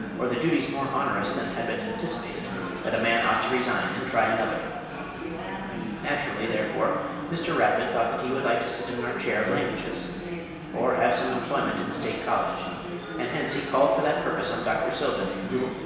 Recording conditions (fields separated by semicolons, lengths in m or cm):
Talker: one person; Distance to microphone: 1.7 m; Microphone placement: close; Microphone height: 1.0 m; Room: very reverberant, large; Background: babble